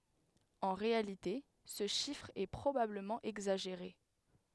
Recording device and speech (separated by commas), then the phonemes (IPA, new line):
headset microphone, read sentence
ɑ̃ ʁealite sə ʃifʁ ɛ pʁobabləmɑ̃ ɛɡzaʒeʁe